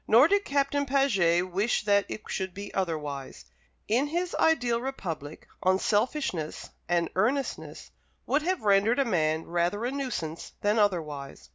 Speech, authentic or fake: authentic